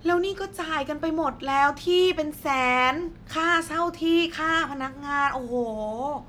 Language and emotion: Thai, frustrated